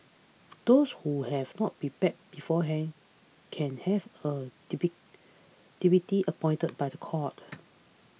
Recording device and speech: mobile phone (iPhone 6), read sentence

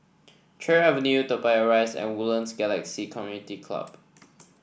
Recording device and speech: boundary microphone (BM630), read sentence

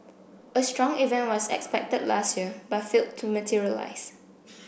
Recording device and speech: boundary microphone (BM630), read sentence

